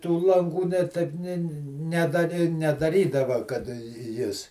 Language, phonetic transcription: Lithuanian, tų lanˈgų ne ˈtaip ˈnė ne ˈnedari nedaˈrydava kad ˈjis

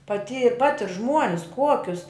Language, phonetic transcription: Lithuanian, paˈty ˈpatir ˈžmuonis ˈkuokius

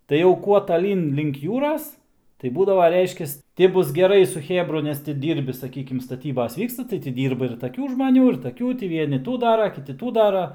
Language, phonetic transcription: Lithuanian, tai jau ˈkuo taˈlyn link ˈjūras tai ˈbūdava ˈreiškias ˈti ˈbus geˈrai su ˈchėbru ˈnes ti ˈdyrbi saˈkykim staˈtybas ˈvyksta tai tį ˈdyrba ir taˈkių žmaˈnių ir taˈkių ˈtį ˈvieni ˈtų ˈdara ˈkiti ˈtų ˈdara

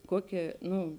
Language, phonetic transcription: Lithuanian, ˈkuoˌkė ˈnu

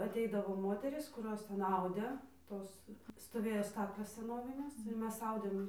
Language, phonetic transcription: Lithuanian, aˈteidavo ˈmoterys kuˈros ˈten ˈaudė ˈtos stoˈvėjo ˈstaklės seˈnovinės ir ˈmes ˈaudėm

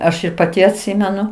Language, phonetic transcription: Lithuanian, ˈaš ir paˈti atˈsimenu

